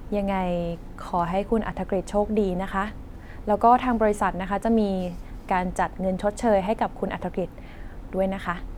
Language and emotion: Thai, neutral